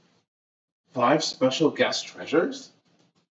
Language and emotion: English, surprised